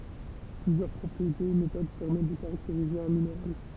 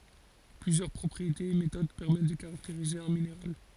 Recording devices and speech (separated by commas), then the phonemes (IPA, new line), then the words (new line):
temple vibration pickup, forehead accelerometer, read sentence
plyzjœʁ pʁɔpʁietez e metod pɛʁmɛt də kaʁakteʁize œ̃ mineʁal
Plusieurs propriétés et méthodes permettent de caractériser un minéral.